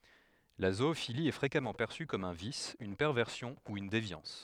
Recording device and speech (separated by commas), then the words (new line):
headset microphone, read sentence
La zoophilie est fréquemment perçue comme un vice, une perversion ou une déviance.